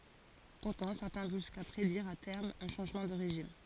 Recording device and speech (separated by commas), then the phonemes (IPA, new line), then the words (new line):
forehead accelerometer, read sentence
puʁtɑ̃ sɛʁtɛ̃ vɔ̃ ʒyska pʁediʁ a tɛʁm œ̃ ʃɑ̃ʒmɑ̃ də ʁeʒim
Pourtant certains vont jusqu'à prédire à terme un changement de régime.